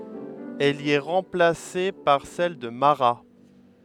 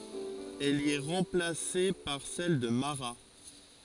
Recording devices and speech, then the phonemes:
headset microphone, forehead accelerometer, read sentence
ɛl i ɛ ʁɑ̃plase paʁ sɛl də maʁa

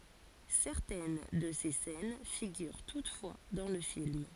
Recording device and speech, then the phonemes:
forehead accelerometer, read sentence
sɛʁtɛn də se sɛn fiɡyʁ tutfwa dɑ̃ lə film

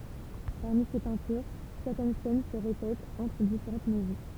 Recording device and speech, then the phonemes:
temple vibration pickup, read sentence
paʁmi se pɛ̃tyʁ sɛʁtɛn sɛn sə ʁepɛtt ɑ̃tʁ difeʁɑ̃t mɛzɔ̃

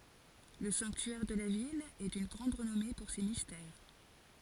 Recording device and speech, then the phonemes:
forehead accelerometer, read sentence
lə sɑ̃ktyɛʁ də la vil ɛ dyn ɡʁɑ̃d ʁənɔme puʁ se mistɛʁ

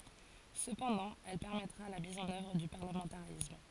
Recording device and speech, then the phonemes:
forehead accelerometer, read sentence
səpɑ̃dɑ̃ ɛl pɛʁmɛtʁa la miz ɑ̃n œvʁ dy paʁləmɑ̃taʁism

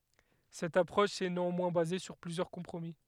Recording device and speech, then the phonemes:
headset microphone, read sentence
sɛt apʁɔʃ ɛ neɑ̃mwɛ̃ baze syʁ plyzjœʁ kɔ̃pʁomi

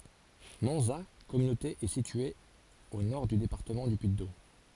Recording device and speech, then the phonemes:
forehead accelerometer, read sentence
mɑ̃za kɔmynote ɛ sitye o nɔʁ dy depaʁtəmɑ̃ dy pyiddom

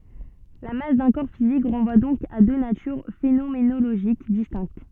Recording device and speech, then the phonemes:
soft in-ear microphone, read sentence
la mas dœ̃ kɔʁ fizik ʁɑ̃vwa dɔ̃k a dø natyʁ fenomenoloʒik distɛ̃kt

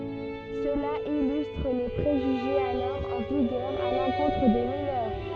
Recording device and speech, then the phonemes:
soft in-ear microphone, read sentence
səla ilystʁ le pʁeʒyʒez alɔʁ ɑ̃ viɡœʁ a lɑ̃kɔ̃tʁ de minœʁ

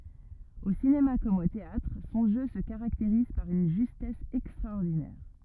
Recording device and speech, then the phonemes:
rigid in-ear microphone, read sentence
o sinema kɔm o teatʁ sɔ̃ ʒø sə kaʁakteʁiz paʁ yn ʒystɛs ɛkstʁaɔʁdinɛʁ

